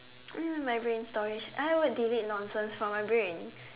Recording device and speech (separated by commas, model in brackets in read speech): telephone, conversation in separate rooms